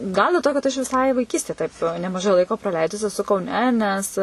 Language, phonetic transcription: Lithuanian, ˈgal del ˈto kad ˈaš viˈsai vaiˈkystė ˈtaip nemaˈžai ˈlaiko praˈleidus eˈsu kauˈne nes

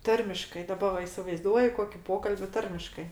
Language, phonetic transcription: Lithuanian, ˈtarmiškai daˈba va isivaiˈzduoju ˈkoki ˈpokalbi ˈtarmiškai

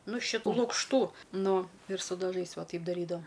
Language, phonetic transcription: Lithuanian, nu šiˈtų lukšˈtų ˈnu ir su daˈžais ˈva ˈtaip daˈrydavo

